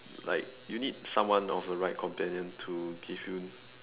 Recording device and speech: telephone, conversation in separate rooms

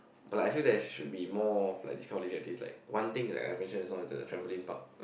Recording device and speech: boundary microphone, conversation in the same room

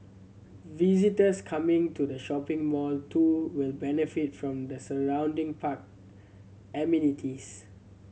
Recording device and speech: mobile phone (Samsung C7100), read sentence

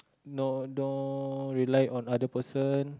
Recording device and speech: close-talking microphone, conversation in the same room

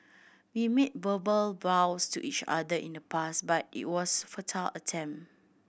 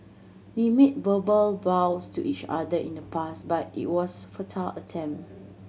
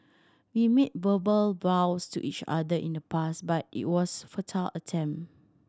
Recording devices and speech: boundary microphone (BM630), mobile phone (Samsung C7100), standing microphone (AKG C214), read sentence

